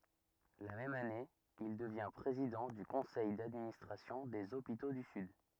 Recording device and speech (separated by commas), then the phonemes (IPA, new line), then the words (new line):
rigid in-ear microphone, read sentence
la mɛm ane il dəvjɛ̃ pʁezidɑ̃ dy kɔ̃sɛj dadministʁasjɔ̃ dez opito dy syd
La même année, il devient président du conseil d'administration des hôpitaux du Sud.